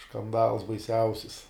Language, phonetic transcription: Lithuanian, škanˈdals baiˈsiausis

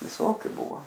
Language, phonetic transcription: Lithuanian, viˈsokiu ˈbuvo

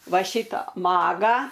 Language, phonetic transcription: Lithuanian, ˈva ˈšitą ˈmagą

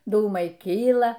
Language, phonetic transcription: Lithuanian, ˈdūmai ˈkyla

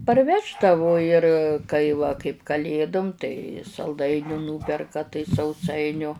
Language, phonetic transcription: Lithuanian, parˈveždavu ir ˈkai va kaip kaˈlėdum tai salˈdainių ˈnūperka tai sauˈsainiu

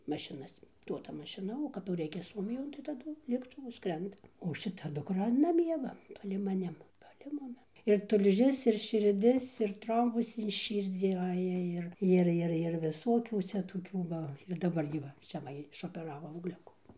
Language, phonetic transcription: Lithuanian, mašiˈnas ˈduoda mašiˈna o kap jau ˈreikia ˈsuomijon tai taˈdu lėktuˈvu ˈskrenda o šiˈta dukˈra naˈmie va palei maˈnim palei ˈmumi ir tulˈžis ir širˈdis ir ˈtrombus in ˈšyrdzį ˈaja ir ˈir ˈir ˈir viˈsokių ˈcia toˈkių va ir daˈbar gi ˈva ˈcia va išopeˈravo augˈliukų

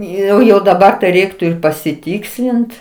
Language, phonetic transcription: Lithuanian, ˈjau jau daˈbar ˈreiktu ir pasiˈtykslint

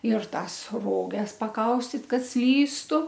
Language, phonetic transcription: Lithuanian, ir ˈtąs ˈroges paˈkaustit ˈkad ˈslystu

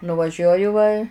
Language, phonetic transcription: Lithuanian, nuvaˈžiuoju va

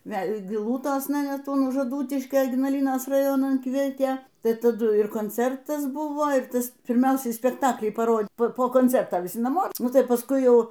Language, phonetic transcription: Lithuanian, ˈvel' giˈlūtosna ˈnet un už aˈdūtiškio ignaˈlynos raˈjonan ˈkvietė ˈtai taˈdu ir konˈcertas ˈbuvo ir ˈtas pirˈmiausiai spekˈtaklį paˈro po konˈcerta viˈsi naˈmo ˈnu tai pasˈkui ˈjau

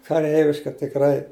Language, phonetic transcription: Lithuanian, kaˈreiviška tikˈrai

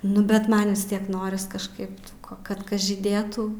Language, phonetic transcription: Lithuanian, nu bet ˈman vis ˈtiek ˈnoris kažˈkaip tų ko kad ˈkas žyˈdėtų

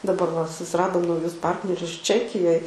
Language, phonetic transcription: Lithuanian, daˈbar va susiradom nauˈjus ˈpartnerius ˈčekijoj

